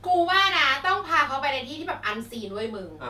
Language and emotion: Thai, happy